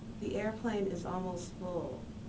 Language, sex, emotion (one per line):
English
female
sad